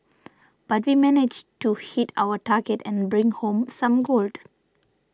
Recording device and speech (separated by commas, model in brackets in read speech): standing microphone (AKG C214), read sentence